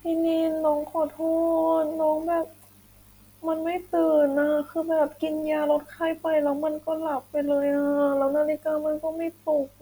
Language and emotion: Thai, sad